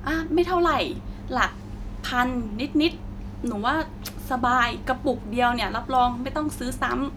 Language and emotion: Thai, neutral